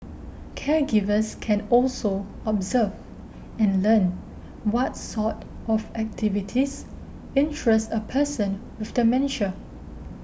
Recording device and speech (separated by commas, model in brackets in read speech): boundary microphone (BM630), read sentence